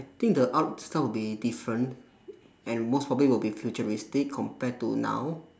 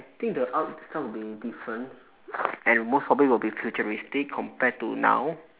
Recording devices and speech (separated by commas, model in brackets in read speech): standing microphone, telephone, conversation in separate rooms